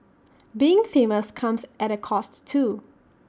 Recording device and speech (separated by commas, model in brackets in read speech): standing microphone (AKG C214), read sentence